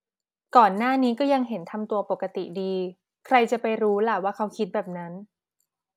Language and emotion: Thai, neutral